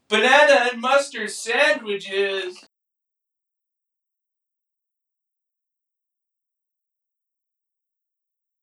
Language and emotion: English, fearful